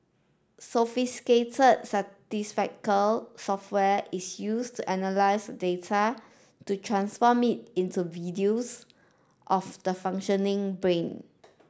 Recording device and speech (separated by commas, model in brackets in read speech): standing microphone (AKG C214), read sentence